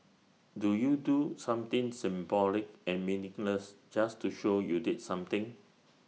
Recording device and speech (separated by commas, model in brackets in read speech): mobile phone (iPhone 6), read sentence